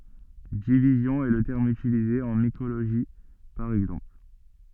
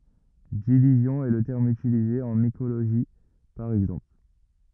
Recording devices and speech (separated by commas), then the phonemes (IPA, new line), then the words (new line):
soft in-ear microphone, rigid in-ear microphone, read sentence
divizjɔ̃ ɛ lə tɛʁm ytilize ɑ̃ mikoloʒi paʁ ɛɡzɑ̃pl
Division est le terme utilisé en mycologie, par exemple.